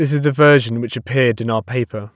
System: none